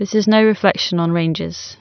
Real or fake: real